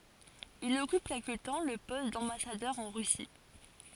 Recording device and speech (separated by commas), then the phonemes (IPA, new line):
forehead accelerometer, read sentence
il ɔkyp kɛlkə tɑ̃ lə pɔst dɑ̃basadœʁ ɑ̃ ʁysi